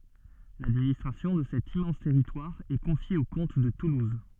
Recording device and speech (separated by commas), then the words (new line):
soft in-ear microphone, read sentence
L'administration de cet immense territoire est confiée aux comtes de Toulouse.